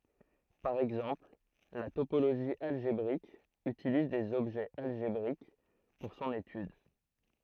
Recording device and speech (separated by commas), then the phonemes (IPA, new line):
throat microphone, read sentence
paʁ ɛɡzɑ̃pl la topoloʒi alʒebʁik ytiliz dez ɔbʒɛz alʒebʁik puʁ sɔ̃n etyd